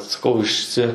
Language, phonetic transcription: Lithuanian, saˈkau išˈsi

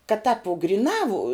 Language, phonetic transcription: Lithuanian, kad tāp vu griˈnā vu

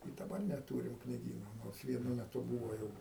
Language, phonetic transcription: Lithuanian, i daˈbar neˈtūrim kniˈgyno ˈnors vieˈnu meˈtu ˈbūvo ˈjau

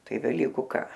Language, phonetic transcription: Lithuanian, ˈtai veˈlyku ˈką

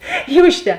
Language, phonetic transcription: Lithuanian, ˈyr užˈte

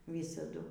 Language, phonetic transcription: Lithuanian, ˈvysadu

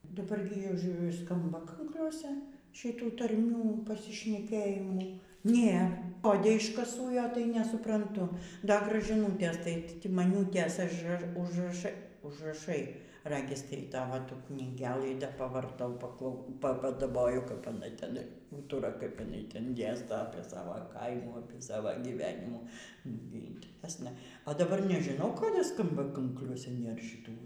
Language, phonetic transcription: Lithuanian, daˈbar gi aš ˈskamba ˈkankliuose šiˈtų tarˈmių pasišneˈkėjimų ˈnėr koˈdė iškaˈsūjo tai nesupranˈtu ˈda gražiˈnūtės tai timaˈniūtės ažˈraš užraˈšai užraˈšai ˈragis y ˈtavo ˈtų knyˈgelɨ ˈda pavarˈtau paˈklau padaˈboju kap jiˈnai teˈnai ˈūtura kap jiˈnai ˈten ˈdėsto apie ˈsava ˈkaimų ˈsava gyˈvenimų ˈnugi inteˈresna o daˈbar nežiˈnau ˈkodė ˈskamba ˈkankliuose ˈnėr šiˈtų

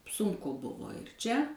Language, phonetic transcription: Lithuanian, ˈsunku ˈbuvo ir ˈčia

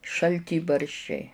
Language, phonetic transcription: Lithuanian, šalˈtybarščiai

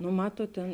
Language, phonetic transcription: Lithuanian, nu ˈmatuot tėn

